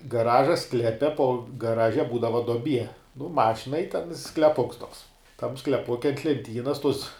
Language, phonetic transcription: Lithuanian, gaˈraža ˈsklepe po gaˈraže ˈbūdava doˈbie nu ˈmašinai i ten skleˈpuks tuoks tam skleˈpuke ant lenˈtynas tus

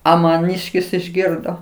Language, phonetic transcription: Lithuanian, ˈa maˈnyškis išˈgirdo

